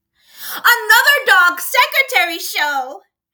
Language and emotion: English, happy